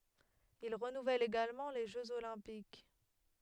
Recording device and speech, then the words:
headset microphone, read sentence
Il renouvelle également les Jeux olympiques.

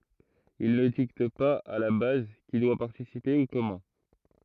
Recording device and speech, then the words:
throat microphone, read sentence
Ils ne dictent pas à la base qui doit participer ou comment.

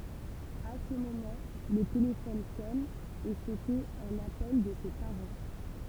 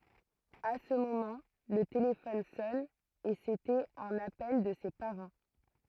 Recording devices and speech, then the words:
temple vibration pickup, throat microphone, read sentence
À ce moment, le téléphone sonne, et c'était un appel de ses parents.

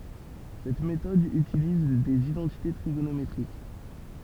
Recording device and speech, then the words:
temple vibration pickup, read sentence
Cette méthode utilise des identités trigonométriques.

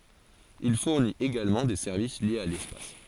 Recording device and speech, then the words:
forehead accelerometer, read sentence
Il fournit également des services liés à l’espace.

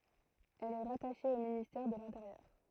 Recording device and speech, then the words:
throat microphone, read sentence
Elle est rattachée au ministère de l'Intérieur.

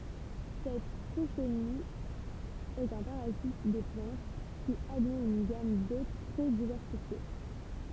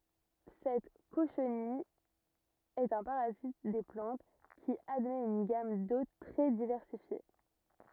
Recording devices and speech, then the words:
temple vibration pickup, rigid in-ear microphone, read sentence
Cette cochenille est un parasite des plantes qui admet une gamme d'hôtes très diversifiée.

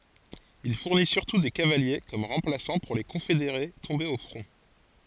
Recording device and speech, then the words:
forehead accelerometer, read sentence
Il fournit surtout des cavaliers comme remplaçants pour les confédérés tombés au front.

